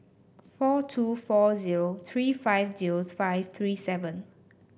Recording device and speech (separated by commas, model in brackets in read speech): boundary microphone (BM630), read sentence